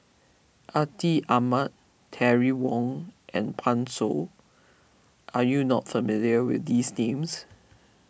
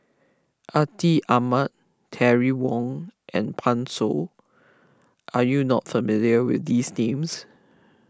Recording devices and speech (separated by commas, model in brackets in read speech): boundary microphone (BM630), close-talking microphone (WH20), read sentence